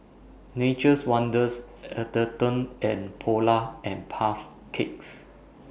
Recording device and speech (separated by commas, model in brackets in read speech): boundary microphone (BM630), read sentence